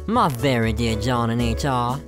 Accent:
with an American Southern accent